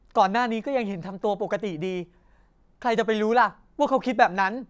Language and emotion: Thai, frustrated